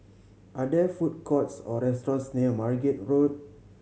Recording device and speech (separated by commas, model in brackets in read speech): mobile phone (Samsung C7100), read sentence